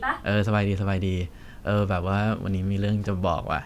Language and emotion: Thai, happy